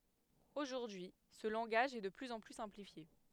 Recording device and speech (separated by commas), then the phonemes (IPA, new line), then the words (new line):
headset microphone, read sentence
oʒuʁdyi sə lɑ̃ɡaʒ ɛ də plyz ɑ̃ ply sɛ̃plifje
Aujourd'hui, ce langage est de plus en plus simplifié.